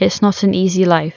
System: none